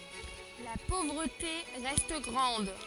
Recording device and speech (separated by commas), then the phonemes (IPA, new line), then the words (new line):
forehead accelerometer, read sentence
la povʁəte ʁɛst ɡʁɑ̃d
La pauvreté reste grande.